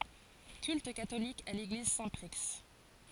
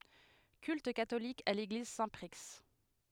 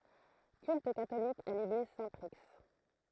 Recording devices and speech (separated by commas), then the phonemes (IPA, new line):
forehead accelerometer, headset microphone, throat microphone, read sentence
kylt katolik a leɡliz sɛ̃tpʁi